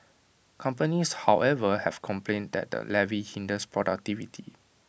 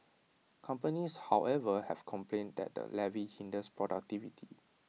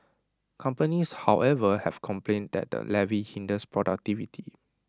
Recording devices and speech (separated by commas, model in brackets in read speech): boundary microphone (BM630), mobile phone (iPhone 6), standing microphone (AKG C214), read sentence